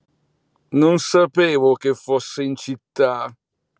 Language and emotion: Italian, disgusted